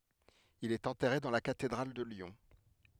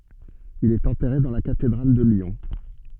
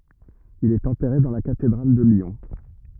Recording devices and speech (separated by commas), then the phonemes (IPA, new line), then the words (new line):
headset microphone, soft in-ear microphone, rigid in-ear microphone, read sentence
il ɛt ɑ̃tɛʁe dɑ̃ la katedʁal də ljɔ̃
Il est enterré dans la cathédrale de Lyon.